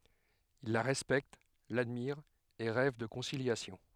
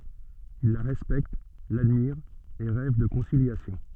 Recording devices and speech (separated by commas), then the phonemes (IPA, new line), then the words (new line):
headset microphone, soft in-ear microphone, read sentence
il la ʁɛspɛkt ladmiʁt e ʁɛv də kɔ̃siljasjɔ̃
Ils la respectent, l'admirent et rêvent de conciliation.